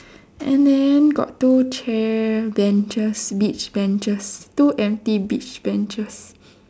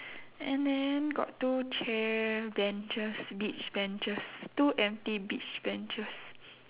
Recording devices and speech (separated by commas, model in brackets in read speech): standing microphone, telephone, conversation in separate rooms